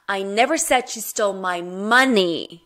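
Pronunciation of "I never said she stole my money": In 'I never said she stole my money', the stress is on 'money'.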